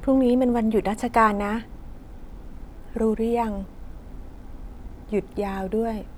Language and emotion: Thai, neutral